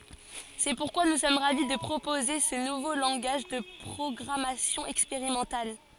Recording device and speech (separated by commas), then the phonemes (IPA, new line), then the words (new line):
forehead accelerometer, read sentence
sɛ puʁkwa nu sɔm ʁavi də pʁopoze sə nuvo lɑ̃ɡaʒ də pʁɔɡʁamasjɔ̃ ɛkspeʁimɑ̃tal
C’est pourquoi nous sommes ravis de proposer ce nouveau langage de programmation expérimental.